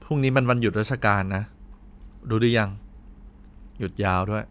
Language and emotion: Thai, neutral